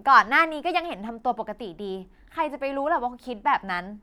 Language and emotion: Thai, neutral